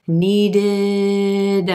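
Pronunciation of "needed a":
In 'needed a', the final d of 'needed' links over to the front of 'a', so the two words are not said as two separate words.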